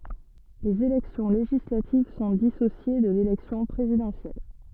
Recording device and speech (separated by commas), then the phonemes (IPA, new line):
soft in-ear microphone, read sentence
lez elɛksjɔ̃ leʒislativ sɔ̃ disosje də lelɛksjɔ̃ pʁezidɑ̃sjɛl